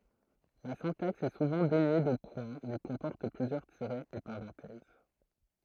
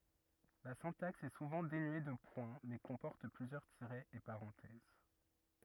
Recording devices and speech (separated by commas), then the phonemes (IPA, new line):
throat microphone, rigid in-ear microphone, read sentence
la sɛ̃taks ɛ suvɑ̃ denye də pwɛ̃ mɛ kɔ̃pɔʁt plyzjœʁ tiʁɛz e paʁɑ̃tɛz